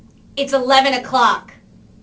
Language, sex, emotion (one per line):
English
female
angry